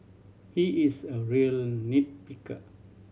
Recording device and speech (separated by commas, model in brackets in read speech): mobile phone (Samsung C7100), read sentence